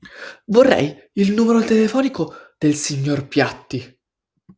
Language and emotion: Italian, fearful